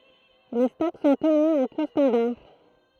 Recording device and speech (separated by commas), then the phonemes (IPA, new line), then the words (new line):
throat microphone, read sentence
le stɔk sɔ̃ təny ɑ̃ ku stɑ̃daʁ
Les stocks sont tenus en coûts standards.